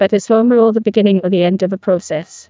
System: TTS, neural waveform model